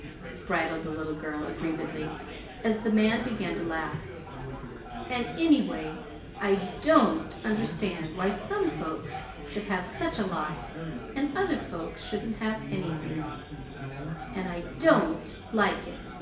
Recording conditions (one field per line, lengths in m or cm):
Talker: one person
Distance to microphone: 1.8 m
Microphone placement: close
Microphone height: 1.0 m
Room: large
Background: babble